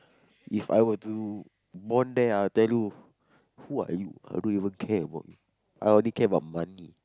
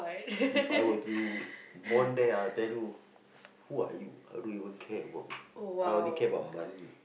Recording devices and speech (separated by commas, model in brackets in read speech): close-talking microphone, boundary microphone, conversation in the same room